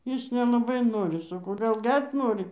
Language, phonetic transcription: Lithuanian, ˈjis nelaˈbai ˈnori saˈkau gal ˈger't' ˈnori

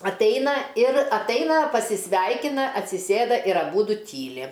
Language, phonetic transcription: Lithuanian, atˈaina ir atˈaina pasisˈveikina atsiˈsėda ir aˈbudu ˈtyli

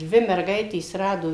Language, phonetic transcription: Lithuanian, ˈdvi merˈgaitės ˈrado

